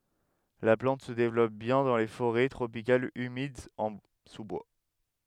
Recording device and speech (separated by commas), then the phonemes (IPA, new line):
headset microphone, read sentence
la plɑ̃t sə devlɔp bjɛ̃ dɑ̃ le foʁɛ tʁopikalz ymidz ɑ̃ su bwa